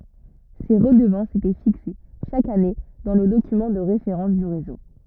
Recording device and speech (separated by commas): rigid in-ear microphone, read sentence